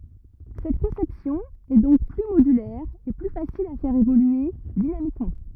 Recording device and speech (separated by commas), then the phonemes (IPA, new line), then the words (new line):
rigid in-ear microphone, read sentence
sɛt kɔ̃sɛpsjɔ̃ ɛ dɔ̃k ply modylɛʁ e ply fasil a fɛʁ evolye dinamikmɑ̃
Cette conception est donc plus modulaire et plus facile à faire évoluer dynamiquement.